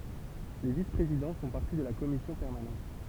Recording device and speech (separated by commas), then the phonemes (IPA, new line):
temple vibration pickup, read sentence
le vispʁezidɑ̃ fɔ̃ paʁti də la kɔmisjɔ̃ pɛʁmanɑ̃t